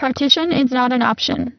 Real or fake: fake